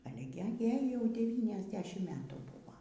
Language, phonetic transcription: Lithuanian, ˈale gi ˈjai jau ˌdevyniasˈdešim ˈmetų ˈbūvo

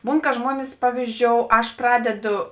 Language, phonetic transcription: Lithuanian, ˈbūn ka ˈžmuonis ˈpavyzˌdžiou ˈaš ˈpradedo

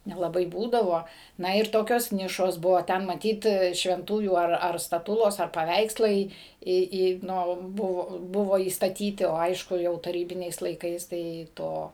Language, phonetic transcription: Lithuanian, nelaˈbai ˈbūdavo ˈna ir ˈtokios ˈnišos ˈbuvo ˈten maˈtyt švenˈtųjų ar staˈtulos ar paˈveikslai ˈį ˈį ˈnu ˈbuvo ˈbuvo įstaˈtyti o ˈaišku jau taˈrybiniais laiˈkais ˈtai ˈto

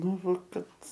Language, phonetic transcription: Lithuanian, ˈnu ˈva ˈkad

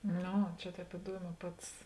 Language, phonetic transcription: Lithuanian, ˈno ˈčia ˈtēp iˈduoˌmē ˈpats

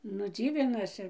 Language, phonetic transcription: Lithuanian, nu ˈdzyvinasi

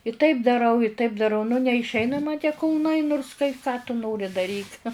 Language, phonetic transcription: Lithuanian, i taip daˈrau i taip daˈrau nu neišˈeina ma tie kulˈnai nurs kai ką tu ˈnori daˈryk

